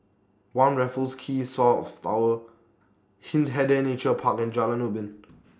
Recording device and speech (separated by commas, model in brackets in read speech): standing microphone (AKG C214), read sentence